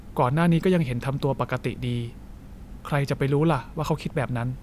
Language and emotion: Thai, neutral